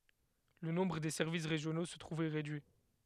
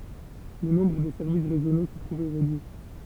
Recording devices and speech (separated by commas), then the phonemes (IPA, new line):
headset microphone, temple vibration pickup, read sentence
lə nɔ̃bʁ de sɛʁvis ʁeʒjono sə tʁuv ʁedyi